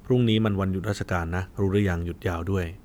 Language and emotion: Thai, neutral